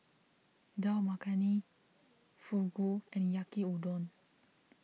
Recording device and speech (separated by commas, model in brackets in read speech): mobile phone (iPhone 6), read sentence